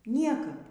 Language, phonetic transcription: Lithuanian, ˈniekap

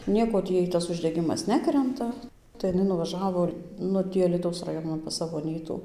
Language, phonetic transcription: Lithuanian, ˈnieko ˈtį ˈjai ˈtas uždeˈgimas ˈnekrenta tai iˈnai nuvaˈžavo ˈnu ˈtį alyˈtaus raˈjonan pas ˈsavo aˈnytų

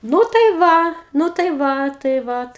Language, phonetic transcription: Lithuanian, ˈnū tai ˈva nu tai ˈva tai ˈvat

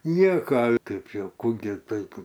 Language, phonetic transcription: Lithuanian, ˈnieka ˈtaip ˈjau ˈkų gi ˈtaip

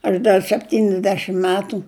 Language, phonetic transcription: Lithuanian, aš ˈdar sepˈtynisdešim ˈmetu

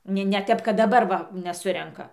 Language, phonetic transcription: Lithuanian, ˈne ne ˈtep kad daˈbar va neˈsurenka

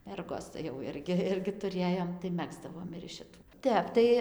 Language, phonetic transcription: Lithuanian, ˈmergos tai jau ˈirgi ˈirgi tuˈrėjom tai ˈmegzdavom ir iš šiˈtų ˈtep tai

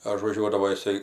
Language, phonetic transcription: Lithuanian, ažvaˈžiuodavo jiˈsai

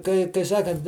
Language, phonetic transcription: Lithuanian, kai kai ˈsakant

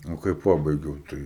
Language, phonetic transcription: Lithuanian, o kai ˈpabaigiau ˈtai

